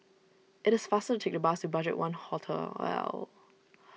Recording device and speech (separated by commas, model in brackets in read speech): mobile phone (iPhone 6), read sentence